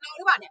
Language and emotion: Thai, angry